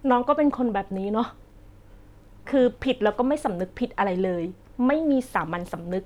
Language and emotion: Thai, frustrated